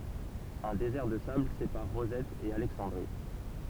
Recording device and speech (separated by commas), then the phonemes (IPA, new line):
temple vibration pickup, read sentence
œ̃ dezɛʁ də sabl sepaʁ ʁozɛt e alɛksɑ̃dʁi